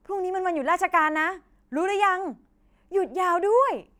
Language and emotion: Thai, happy